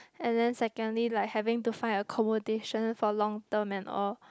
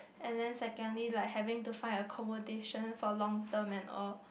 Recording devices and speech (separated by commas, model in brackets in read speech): close-talking microphone, boundary microphone, conversation in the same room